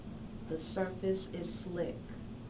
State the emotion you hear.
neutral